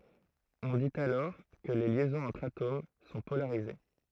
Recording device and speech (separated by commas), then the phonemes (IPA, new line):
throat microphone, read sentence
ɔ̃ dit alɔʁ kə le ljɛzɔ̃z ɑ̃tʁ atom sɔ̃ polaʁize